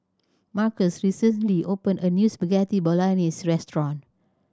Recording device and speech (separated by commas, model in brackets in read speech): standing microphone (AKG C214), read sentence